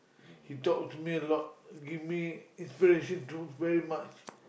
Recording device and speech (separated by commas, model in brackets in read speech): boundary microphone, conversation in the same room